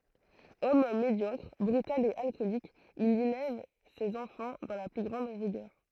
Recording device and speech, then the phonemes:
throat microphone, read sentence
ɔm medjɔkʁ bʁytal e alkɔlik il elɛv sez ɑ̃fɑ̃ dɑ̃ la ply ɡʁɑ̃d ʁiɡœʁ

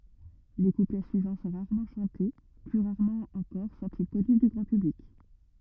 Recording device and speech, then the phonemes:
rigid in-ear microphone, read sentence
le kuplɛ syivɑ̃ sɔ̃ ʁaʁmɑ̃ ʃɑ̃te ply ʁaʁmɑ̃ ɑ̃kɔʁ sɔ̃ti kɔny dy ɡʁɑ̃ pyblik

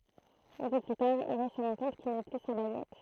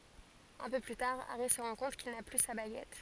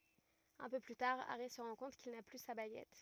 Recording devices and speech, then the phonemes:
throat microphone, forehead accelerometer, rigid in-ear microphone, read sentence
œ̃ pø ply taʁ aʁi sə ʁɑ̃ kɔ̃t kil na ply sa baɡɛt

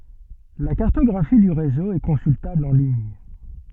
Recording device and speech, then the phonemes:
soft in-ear microphone, read sentence
la kaʁtɔɡʁafi dy ʁezo ɛ kɔ̃syltabl ɑ̃ liɲ

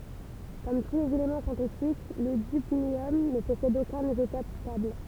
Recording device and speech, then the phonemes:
temple vibration pickup, read sentence
kɔm tu lez elemɑ̃ sɛ̃tetik lə dybnjɔm nə pɔsɛd okœ̃n izotɔp stabl

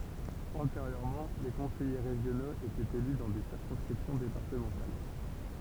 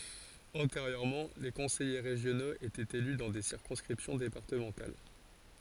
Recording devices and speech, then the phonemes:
temple vibration pickup, forehead accelerometer, read sentence
ɑ̃teʁjøʁmɑ̃ le kɔ̃sɛje ʁeʒjonoz etɛt ely dɑ̃ de siʁkɔ̃skʁipsjɔ̃ depaʁtəmɑ̃tal

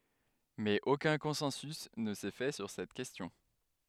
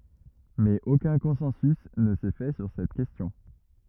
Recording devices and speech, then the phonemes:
headset microphone, rigid in-ear microphone, read sentence
mɛz okœ̃ kɔ̃sɑ̃sy nə sɛ fɛ syʁ sɛt kɛstjɔ̃

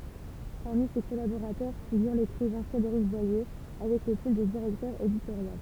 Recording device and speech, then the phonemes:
temple vibration pickup, read sentence
paʁmi se kɔlaboʁatœʁ fiɡyʁ lekʁivɛ̃ fʁedeʁik bwaje avɛk lə titʁ də diʁɛktœʁ editoʁjal

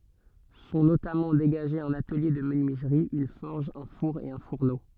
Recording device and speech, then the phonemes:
soft in-ear microphone, read sentence
sɔ̃ notamɑ̃ deɡaʒez œ̃n atəlje də mənyizʁi yn fɔʁʒ œ̃ fuʁ e œ̃ fuʁno

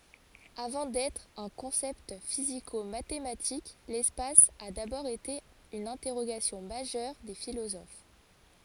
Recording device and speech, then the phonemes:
forehead accelerometer, read sentence
avɑ̃ dɛtʁ œ̃ kɔ̃sɛpt fizikomatematik lɛspas a dabɔʁ ete yn ɛ̃tɛʁoɡasjɔ̃ maʒœʁ de filozof

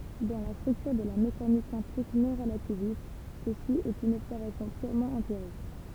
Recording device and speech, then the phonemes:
temple vibration pickup, read sentence
dɑ̃ la stʁyktyʁ də la mekanik kwɑ̃tik nɔ̃ʁlativist səsi ɛt yn ɔbsɛʁvasjɔ̃ pyʁmɑ̃ ɑ̃piʁik

